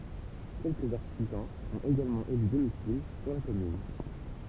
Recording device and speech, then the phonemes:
temple vibration pickup, read sentence
kɛlkəz aʁtizɑ̃z ɔ̃t eɡalmɑ̃ ely domisil syʁ la kɔmyn

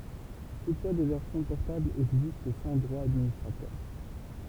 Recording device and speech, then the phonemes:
temple vibration pickup, read sentence
tutfwa de vɛʁsjɔ̃ pɔʁtablz ɛɡzist sɑ̃ dʁwa dadministʁatœʁ

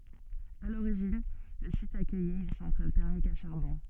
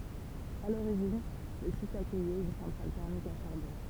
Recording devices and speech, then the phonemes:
soft in-ear microphone, temple vibration pickup, read sentence
a loʁiʒin lə sit akœjɛt yn sɑ̃tʁal tɛʁmik a ʃaʁbɔ̃

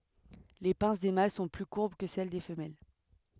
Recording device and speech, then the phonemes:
headset microphone, read sentence
le pɛ̃s de mal sɔ̃ ply kuʁb kə sɛl de fəmɛl

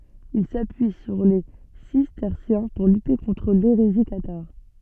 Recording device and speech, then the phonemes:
soft in-ear microphone, read sentence
il sapyi syʁ le sistɛʁsjɛ̃ puʁ lyte kɔ̃tʁ leʁezi kataʁ

